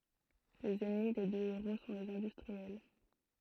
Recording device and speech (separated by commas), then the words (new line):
throat microphone, read sentence
Les ennemis des deux héros sont les industriels.